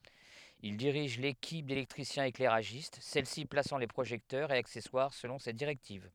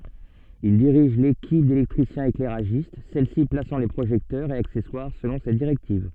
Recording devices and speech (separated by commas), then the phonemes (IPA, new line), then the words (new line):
headset microphone, soft in-ear microphone, read sentence
il diʁiʒ lekip delɛktʁisjɛ̃seklɛʁaʒist sɛlsi plasɑ̃ le pʁoʒɛktœʁz e aksɛswaʁ səlɔ̃ se diʁɛktiv
Il dirige l'équipe d'électriciens-éclairagistes, celle-ci plaçant les projecteurs et accessoires selon ses directives.